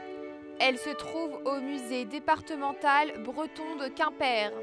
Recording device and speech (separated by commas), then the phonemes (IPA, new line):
headset microphone, read sentence
ɛl sə tʁuv o myze depaʁtəmɑ̃tal bʁətɔ̃ də kɛ̃pe